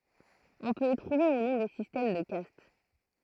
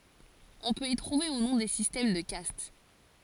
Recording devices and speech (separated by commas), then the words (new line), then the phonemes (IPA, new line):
throat microphone, forehead accelerometer, read sentence
On peut y trouver, ou non, des systèmes de castes.
ɔ̃ pøt i tʁuve u nɔ̃ de sistɛm də kast